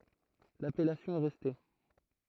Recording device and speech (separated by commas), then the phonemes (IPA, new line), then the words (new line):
throat microphone, read sentence
lapɛlasjɔ̃ ɛ ʁɛste
L'appellation est restée.